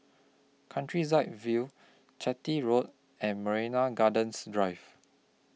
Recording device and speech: mobile phone (iPhone 6), read sentence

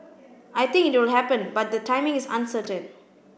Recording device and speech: boundary microphone (BM630), read sentence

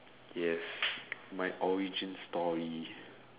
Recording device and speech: telephone, conversation in separate rooms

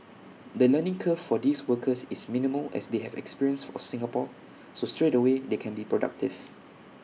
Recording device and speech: mobile phone (iPhone 6), read sentence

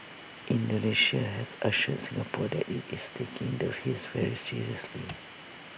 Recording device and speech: boundary microphone (BM630), read sentence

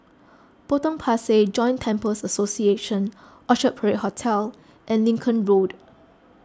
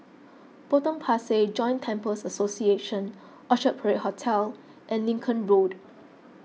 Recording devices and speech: close-talking microphone (WH20), mobile phone (iPhone 6), read sentence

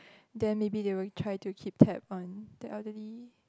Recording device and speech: close-talking microphone, conversation in the same room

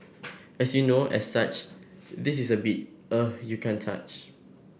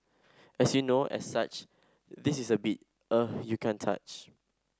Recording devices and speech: boundary microphone (BM630), standing microphone (AKG C214), read sentence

